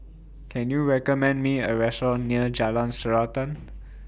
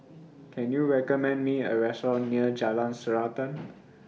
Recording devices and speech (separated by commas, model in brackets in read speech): boundary microphone (BM630), mobile phone (iPhone 6), read sentence